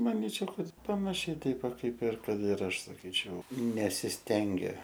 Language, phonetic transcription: Lithuanian, maˈnyčiau ˈkad panaˈšiai ˈteip ˈva ˈkaip ir ˈkad ir ˈaš saˈkyčiau nesisˈtengia

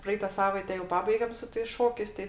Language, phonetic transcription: Lithuanian, ˈpraeita ˈsavaite jau ˈpabaigem su tais ˈšokiais ˈtai

